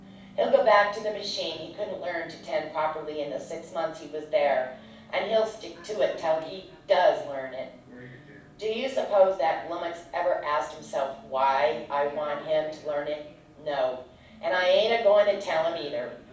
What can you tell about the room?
A medium-sized room.